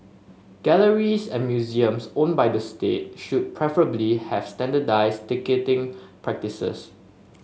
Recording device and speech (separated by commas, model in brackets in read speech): mobile phone (Samsung S8), read sentence